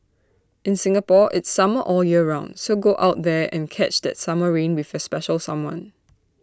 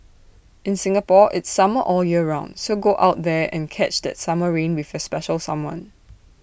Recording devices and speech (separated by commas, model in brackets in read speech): standing microphone (AKG C214), boundary microphone (BM630), read sentence